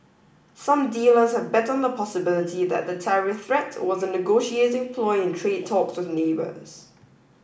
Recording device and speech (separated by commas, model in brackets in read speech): boundary microphone (BM630), read sentence